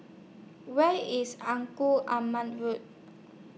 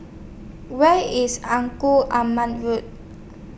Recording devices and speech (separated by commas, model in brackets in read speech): mobile phone (iPhone 6), boundary microphone (BM630), read sentence